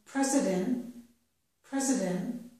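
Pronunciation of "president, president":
In 'president', the t sound at the end is not released.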